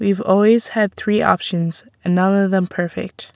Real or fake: real